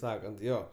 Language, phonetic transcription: Lithuanian, ˈsakant ˈjo

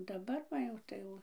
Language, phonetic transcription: Lithuanian, daˈbar va ˈjau tai ˈjau

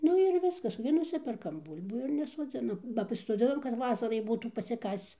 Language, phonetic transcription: Lithuanian, ˈnu ir ˈviskas gi ˈnusiperkam ˈbūl'bų ir nesoˈdzinam ba pasisoˈdzinam kad ˈvasarai ˈbūtų pasiˈkasc

